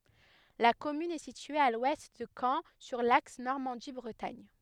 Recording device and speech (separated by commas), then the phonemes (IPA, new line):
headset microphone, read sentence
la kɔmyn ɛ sitye a lwɛst də kɑ̃ syʁ laks nɔʁmɑ̃di bʁətaɲ